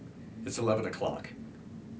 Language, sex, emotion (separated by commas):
English, male, neutral